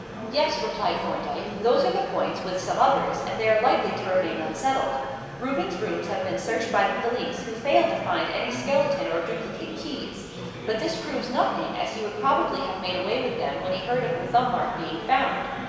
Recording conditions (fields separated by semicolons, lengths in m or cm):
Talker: one person; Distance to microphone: 1.7 m; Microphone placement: close; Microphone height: 1.0 m; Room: very reverberant, large; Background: babble